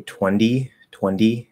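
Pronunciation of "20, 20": In 'twenty, twenty', the t is said as a d sound, and that is incorrect.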